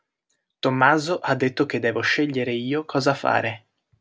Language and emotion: Italian, neutral